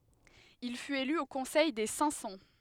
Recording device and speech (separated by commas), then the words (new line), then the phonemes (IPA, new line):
headset microphone, read sentence
Il fut élu au Conseil des Cinq-Cents.
il fyt ely o kɔ̃sɛj de sɛ̃k sɑ̃